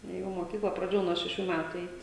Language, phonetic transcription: Lithuanian, ˈjau moˈkykla praˈdėjau nuo šeˈšių ˈmætu ˈeit'

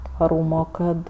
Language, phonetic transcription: Lithuanian, tvaˈrūmo ˈkad

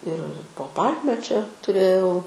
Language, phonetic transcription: Lithuanian, ir po ˈpalme čia tuˈrėjau

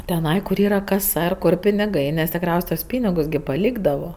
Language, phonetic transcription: Lithuanian, teˈnai kur ˈyra kaˈsa ir ˈkur piniˈgai nes tikˈriaus' tuos ˈpynigus gi paˈlykdavo

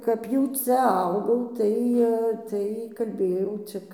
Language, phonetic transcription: Lithuanian, kap ˈjau ˈcia ˈaugaum ˈtai tai kalˈbėjau ˈcik

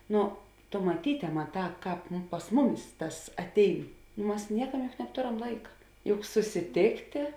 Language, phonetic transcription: Lithuanian, ˈnu tu maˈtyte ˈmaˌtā ˈkāp pas ˈmuˌmis ˈtas atˈein ˈmas ˈniekam juk nabˈtoram ˈlaika juk susiˈtėktė

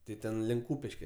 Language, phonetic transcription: Lithuanian, ˈti ˈten link ˈkūpiške

